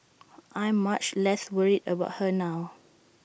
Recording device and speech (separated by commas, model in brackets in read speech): boundary microphone (BM630), read sentence